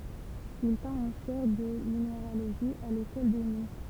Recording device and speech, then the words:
temple vibration pickup, read sentence
Il tint une chaire de minéralogie à l'École des mines.

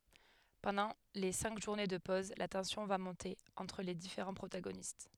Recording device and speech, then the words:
headset microphone, read sentence
Pendant les cinq journées de pose, la tension va monter entre les différents protagonistes.

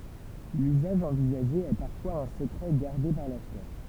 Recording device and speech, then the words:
temple vibration pickup, read sentence
L’usage envisagé est parfois un secret gardé par l’acheteur.

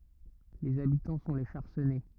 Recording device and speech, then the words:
rigid in-ear microphone, read sentence
Les habitants sont les Charcennais.

